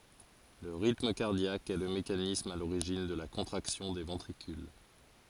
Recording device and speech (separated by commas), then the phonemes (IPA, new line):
forehead accelerometer, read sentence
lə ʁitm kaʁdjak ɛ lə mekanism a loʁiʒin də la kɔ̃tʁaksjɔ̃ de vɑ̃tʁikyl